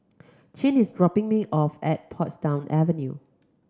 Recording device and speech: close-talking microphone (WH30), read sentence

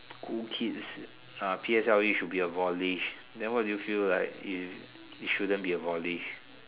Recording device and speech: telephone, conversation in separate rooms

